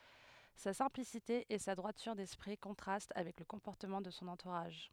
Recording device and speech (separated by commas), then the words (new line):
headset microphone, read sentence
Sa simplicité et sa droiture d'esprit contrastent avec le comportement de son entourage.